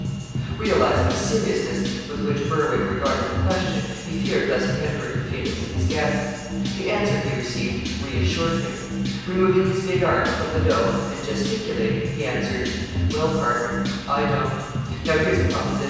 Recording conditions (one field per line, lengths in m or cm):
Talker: one person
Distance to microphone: 7.1 m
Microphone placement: far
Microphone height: 1.7 m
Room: very reverberant, large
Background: music